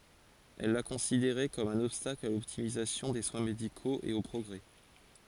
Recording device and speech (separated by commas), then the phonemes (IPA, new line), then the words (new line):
forehead accelerometer, read sentence
ɛl la kɔ̃sideʁɛ kɔm œ̃n ɔbstakl a lɔptimizasjɔ̃ de swɛ̃ medikoz e o pʁɔɡʁɛ
Elle la considérait comme un obstacle à l’optimisation des soins médicaux et au progrès.